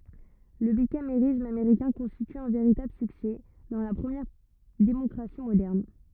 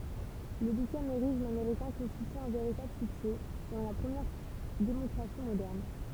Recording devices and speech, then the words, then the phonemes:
rigid in-ear microphone, temple vibration pickup, read sentence
Le bicamérisme américain constitue un véritable succès dans la première démocratie moderne.
lə bikameʁism ameʁikɛ̃ kɔ̃stity œ̃ veʁitabl syksɛ dɑ̃ la pʁəmjɛʁ demɔkʁasi modɛʁn

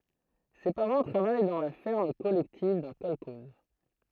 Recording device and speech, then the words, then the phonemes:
throat microphone, read sentence
Ses parents travaillent dans la ferme collective d'un kolkhoze.
se paʁɑ̃ tʁavaj dɑ̃ la fɛʁm kɔlɛktiv dœ̃ kɔlkɔz

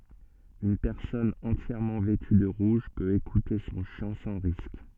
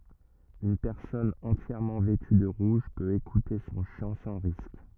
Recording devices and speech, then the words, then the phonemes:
soft in-ear microphone, rigid in-ear microphone, read sentence
Une personne entièrement vêtue de rouge peut écouter son chant sans risque.
yn pɛʁsɔn ɑ̃tjɛʁmɑ̃ vɛty də ʁuʒ pøt ekute sɔ̃ ʃɑ̃ sɑ̃ ʁisk

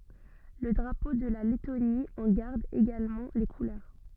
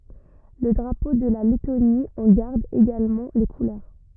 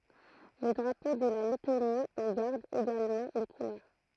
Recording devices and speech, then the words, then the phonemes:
soft in-ear microphone, rigid in-ear microphone, throat microphone, read sentence
Le drapeau de la Lettonie en garde également les couleurs.
lə dʁapo də la lɛtoni ɑ̃ ɡaʁd eɡalmɑ̃ le kulœʁ

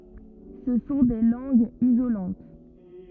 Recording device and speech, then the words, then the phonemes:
rigid in-ear microphone, read sentence
Ce sont des langues isolantes.
sə sɔ̃ de lɑ̃ɡz izolɑ̃t

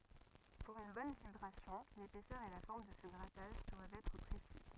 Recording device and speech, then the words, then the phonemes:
rigid in-ear microphone, read sentence
Pour une bonne vibration, l’épaisseur et la forme de ce grattage doivent être précis.
puʁ yn bɔn vibʁasjɔ̃ lepɛsœʁ e la fɔʁm də sə ɡʁataʒ dwavt ɛtʁ pʁesi

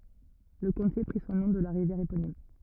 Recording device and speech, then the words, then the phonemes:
rigid in-ear microphone, read sentence
Le comté prit son nom de la rivière éponyme.
lə kɔ̃te pʁi sɔ̃ nɔ̃ də la ʁivjɛʁ eponim

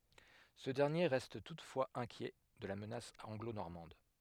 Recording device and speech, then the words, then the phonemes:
headset microphone, read sentence
Ce dernier reste toutefois inquiet de la menace anglo-normande.
sə dɛʁnje ʁɛst tutfwaz ɛ̃kjɛ də la mənas ɑ̃ɡlonɔʁmɑ̃d

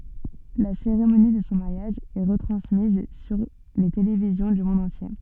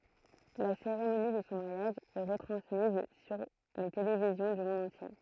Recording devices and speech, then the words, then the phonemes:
soft in-ear microphone, throat microphone, read sentence
La cérémonie de son mariage est retransmise sur les télévisions du monde entier.
la seʁemoni də sɔ̃ maʁjaʒ ɛ ʁətʁɑ̃smiz syʁ le televizjɔ̃ dy mɔ̃d ɑ̃tje

